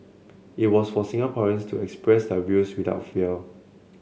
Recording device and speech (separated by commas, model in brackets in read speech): mobile phone (Samsung C7), read sentence